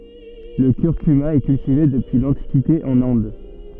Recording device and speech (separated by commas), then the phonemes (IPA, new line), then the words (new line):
soft in-ear microphone, read sentence
lə kyʁkyma ɛ kyltive dəpyi lɑ̃tikite ɑ̃n ɛ̃d
Le curcuma est cultivé depuis l'Antiquité en Inde.